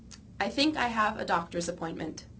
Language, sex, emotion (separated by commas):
English, female, neutral